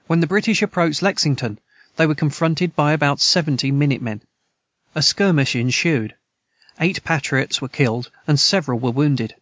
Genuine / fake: genuine